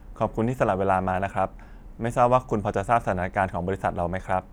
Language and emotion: Thai, neutral